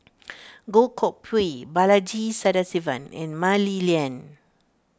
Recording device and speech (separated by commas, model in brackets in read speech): standing microphone (AKG C214), read sentence